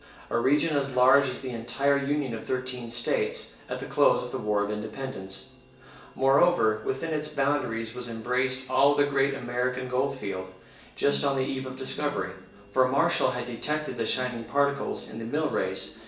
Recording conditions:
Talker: one person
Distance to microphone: 1.8 m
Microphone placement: close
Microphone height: 1.0 m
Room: large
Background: television

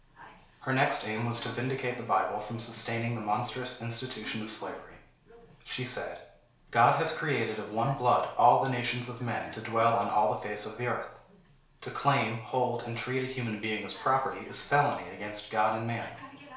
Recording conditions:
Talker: one person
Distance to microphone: 1.0 m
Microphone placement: close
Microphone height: 1.1 m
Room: small (3.7 m by 2.7 m)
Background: television

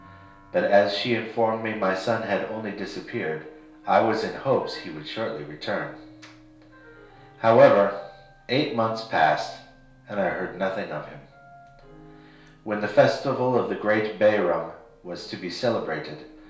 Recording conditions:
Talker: one person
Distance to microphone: 1.0 m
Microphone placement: close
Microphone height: 1.1 m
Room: small (3.7 m by 2.7 m)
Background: music

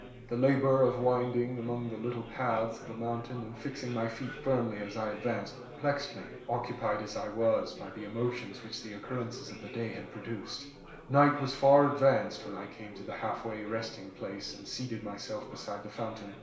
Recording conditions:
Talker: one person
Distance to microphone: 1.0 m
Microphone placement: close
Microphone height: 1.1 m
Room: small (3.7 m by 2.7 m)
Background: babble

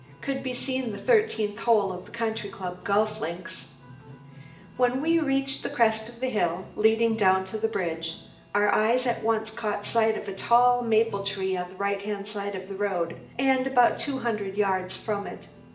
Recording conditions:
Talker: one person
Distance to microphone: 1.8 m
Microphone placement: close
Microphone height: 1.0 m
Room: large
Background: music

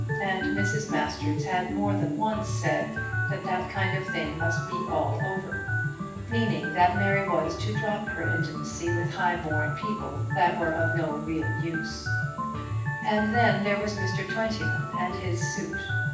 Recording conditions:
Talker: one person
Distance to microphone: 9.8 m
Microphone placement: far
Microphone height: 1.8 m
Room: large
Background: music

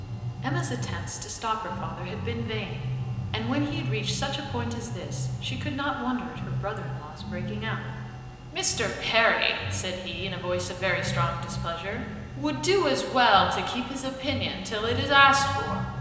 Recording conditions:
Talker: one person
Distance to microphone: 1.7 m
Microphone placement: close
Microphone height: 1.0 m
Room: very reverberant, large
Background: music

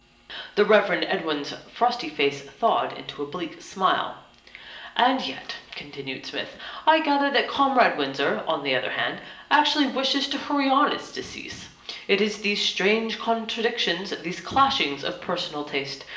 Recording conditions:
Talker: one person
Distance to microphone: 1.8 m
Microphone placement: close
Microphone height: 1.0 m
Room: large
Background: none

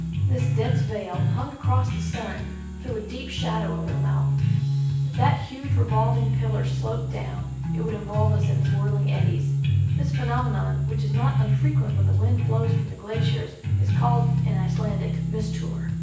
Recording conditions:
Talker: one person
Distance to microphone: 9.8 m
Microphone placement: far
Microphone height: 1.8 m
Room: large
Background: music

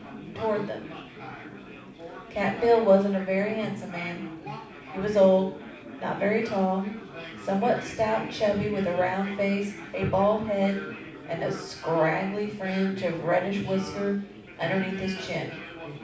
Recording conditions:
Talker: one person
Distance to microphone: 5.8 m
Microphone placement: far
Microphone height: 1.8 m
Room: medium-sized (5.7 m by 4.0 m)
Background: babble

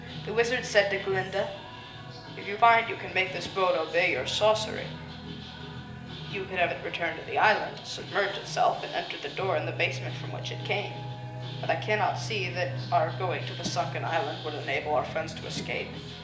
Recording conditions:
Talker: one person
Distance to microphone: 1.8 m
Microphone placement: close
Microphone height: 1.0 m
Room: large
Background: music

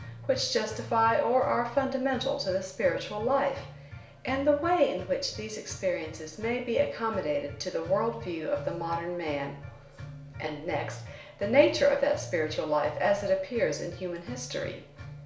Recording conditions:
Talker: one person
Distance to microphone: 1.0 m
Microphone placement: close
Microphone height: 1.1 m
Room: small (3.7 m by 2.7 m)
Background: music

